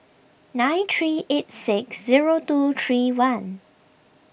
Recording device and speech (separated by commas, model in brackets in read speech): boundary microphone (BM630), read sentence